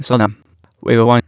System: TTS, waveform concatenation